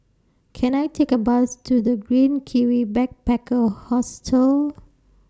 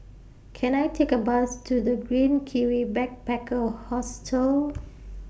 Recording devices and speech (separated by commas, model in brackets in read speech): standing microphone (AKG C214), boundary microphone (BM630), read sentence